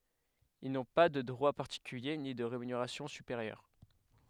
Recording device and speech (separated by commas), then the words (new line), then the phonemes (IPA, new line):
headset microphone, read sentence
Ils n’ont pas de droits particuliers ni de rémunération supérieure.
il nɔ̃ pa də dʁwa paʁtikylje ni də ʁemyneʁasjɔ̃ sypeʁjœʁ